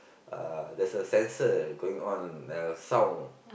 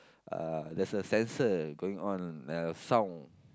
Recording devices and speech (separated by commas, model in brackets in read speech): boundary microphone, close-talking microphone, conversation in the same room